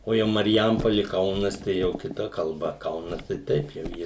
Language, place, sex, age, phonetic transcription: Lithuanian, Suvalkija, male, 60+, o ˈjau marˈjampoli ˈkaunas tai ˈjau kiˈta kalˈba ˈkaunas tai ˈtaip jau ˈjie

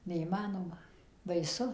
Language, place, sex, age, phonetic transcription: Lithuanian, Suvalkija, female, 60+, neįˈmanoma baiˈsu

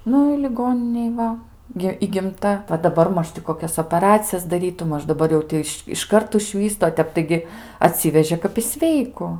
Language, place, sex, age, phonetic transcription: Lithuanian, Aukštaitija, female, 18-60, ˈnu i liˈgoninėj ˈva gi įgimˈta va daˈbar ˈmaž ti koˈkias opaˈracijas daˈrytu ˈmaž daˈbar jau ˈti iš išˈkart užˈvystu o ˈtep taiˈgi aˈtsivežė kap i ˈsveiku

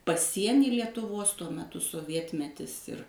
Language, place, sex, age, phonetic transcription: Lithuanian, Suvalkija, female, 60+, paˈsienį lietuˈvos tuo meˈtu soˈvietmetis ir

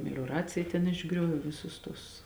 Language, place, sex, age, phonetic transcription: Lithuanian, Žemaitija, female, 18-60, melioˈracija ten išˈgriovė ˈvisus tus

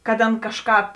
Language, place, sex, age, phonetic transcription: Lithuanian, Žemaitija, female, 18-60, kad ˈana ˈkažˌkāp

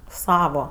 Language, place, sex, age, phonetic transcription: Lithuanian, Aukštaitija, female, 18-60, ˈsavo

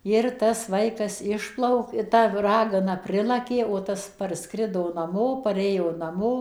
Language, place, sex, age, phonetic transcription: Lithuanian, Suvalkija, female, 60+, ˈir tas ˈvaikas ˈišplauk i ˈta ˈragana ˈprilakė o ˈtas parˈskrido naˈmo paˈrėjo naˈmo

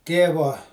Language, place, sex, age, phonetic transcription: Lithuanian, Žemaitija, male, 60+, ˈtėvo

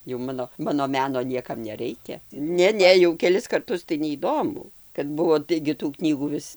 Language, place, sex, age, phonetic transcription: Lithuanian, Dzūkija, female, 60+, jau ˈmano ˈmano ˈmeno ˈniekam neˈreikia ˈne ˈne jau keˈlis karˈtus tai neįˈdomu kad ˈbuvo ˈtaigi tų ˈknygų ˈvis

